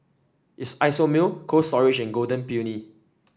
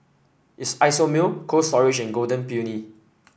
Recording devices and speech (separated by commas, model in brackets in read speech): standing microphone (AKG C214), boundary microphone (BM630), read sentence